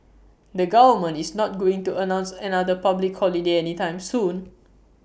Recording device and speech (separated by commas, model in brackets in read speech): boundary microphone (BM630), read sentence